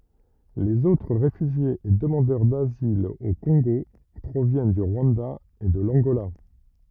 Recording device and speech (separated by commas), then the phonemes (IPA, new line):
rigid in-ear microphone, read sentence
lez otʁ ʁefyʒjez e dəmɑ̃dœʁ dazil o kɔ̃ɡo pʁovjɛn dy ʁwɑ̃da e də lɑ̃ɡola